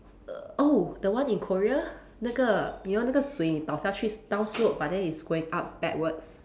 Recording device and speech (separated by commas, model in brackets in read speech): standing microphone, conversation in separate rooms